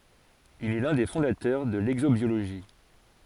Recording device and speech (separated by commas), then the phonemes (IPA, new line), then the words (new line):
forehead accelerometer, read sentence
il ɛ lœ̃ de fɔ̃datœʁ də lɛɡzobjoloʒi
Il est l'un des fondateurs de l'exobiologie.